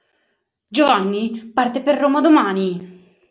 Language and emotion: Italian, angry